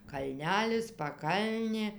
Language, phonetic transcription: Lithuanian, kalˈnelis paˈkalnė

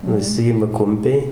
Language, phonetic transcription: Lithuanian, nuˈsijima ˈkumpiai

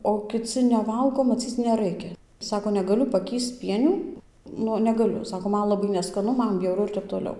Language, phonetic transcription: Lithuanian, o kiˈci neˈvalgo maˈcyc neˈraikia ˈsako neˈgaliu paˈkįsc ˈpienių ˈnu neˈgaliu ˈsako ˈman laˈbai neskaˈnu ˈman bjauˈru ir ˈtep toˈliau

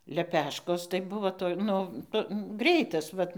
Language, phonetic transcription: Lithuanian, leˈpeškos tai ˈbuvo toj ˈnu nu ˈgreitas ˈvat

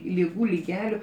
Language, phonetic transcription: Lithuanian, liˈgų liˈgeliu

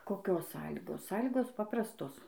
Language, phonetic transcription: Lithuanian, koˈkios ˈsąlygos ˈsąlygos ˈpaprastos

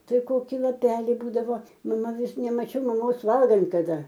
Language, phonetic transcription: Lithuanian, ˈtai ˈkoki laˈpeli ˈbūdavo maˈma ˈvis nemaˈčiau maˈmos ˈvalgant kaˈda

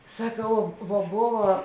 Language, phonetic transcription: Lithuanian, saˈkau vo ˈbova

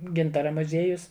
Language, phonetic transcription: Lithuanian, ˈgintara muˈzėjus

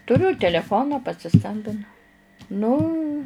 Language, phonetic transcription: Lithuanian, tuˈriu teleˈfoną pasiˈskambinu ˈnu

